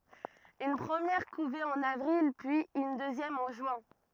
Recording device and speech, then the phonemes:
rigid in-ear microphone, read sentence
yn pʁəmjɛʁ kuve ɑ̃n avʁil pyiz yn døzjɛm ɑ̃ ʒyɛ̃

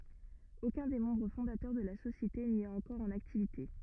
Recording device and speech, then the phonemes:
rigid in-ear microphone, read sentence
okœ̃ de mɑ̃bʁ fɔ̃datœʁ də la sosjete ni ɛt ɑ̃kɔʁ ɑ̃n aktivite

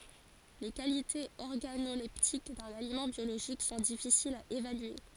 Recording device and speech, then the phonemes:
forehead accelerometer, read sentence
le kalitez ɔʁɡanolɛptik dœ̃n alimɑ̃ bjoloʒik sɔ̃ difisilz a evalye

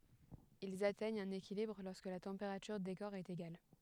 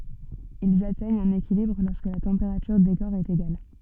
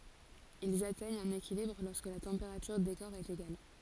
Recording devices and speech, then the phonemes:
headset microphone, soft in-ear microphone, forehead accelerometer, read sentence
ilz atɛɲt œ̃n ekilibʁ lɔʁskə la tɑ̃peʁatyʁ de kɔʁ ɛt eɡal

